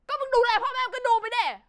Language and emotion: Thai, angry